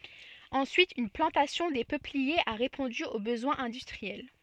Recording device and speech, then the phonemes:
soft in-ear microphone, read sentence
ɑ̃syit yn plɑ̃tasjɔ̃ de pøpliez a ʁepɔ̃dy o bəzwɛ̃z ɛ̃dystʁiɛl

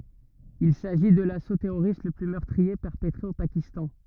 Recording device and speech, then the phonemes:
rigid in-ear microphone, read sentence
il saʒi də laso tɛʁoʁist lə ply mœʁtʁie pɛʁpətʁe o pakistɑ̃

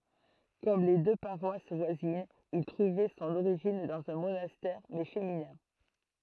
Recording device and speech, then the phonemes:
throat microphone, read sentence
kɔm le dø paʁwas vwazinz il tʁuvɛ sɔ̃n oʁiʒin dɑ̃z œ̃ monastɛʁ mɛ feminɛ̃

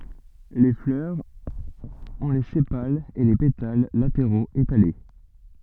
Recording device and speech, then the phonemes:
soft in-ear microphone, read sentence
le flœʁz ɔ̃ le sepalz e le petal lateʁoz etale

